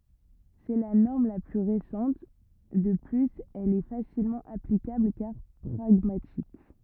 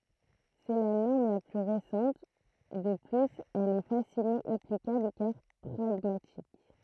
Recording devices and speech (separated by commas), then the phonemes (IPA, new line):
rigid in-ear microphone, throat microphone, read sentence
sɛ la nɔʁm la ply ʁesɑ̃t də plyz ɛl ɛ fasilmɑ̃ aplikabl kaʁ pʁaɡmatik